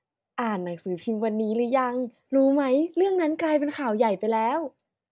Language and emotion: Thai, happy